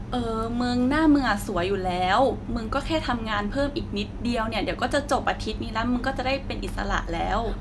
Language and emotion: Thai, neutral